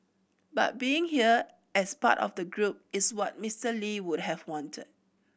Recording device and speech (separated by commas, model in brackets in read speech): boundary microphone (BM630), read sentence